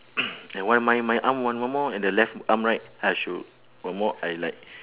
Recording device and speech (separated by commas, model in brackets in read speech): telephone, conversation in separate rooms